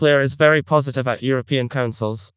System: TTS, vocoder